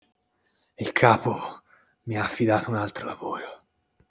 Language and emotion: Italian, sad